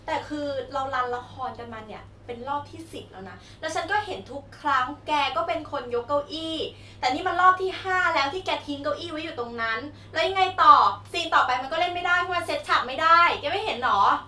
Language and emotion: Thai, angry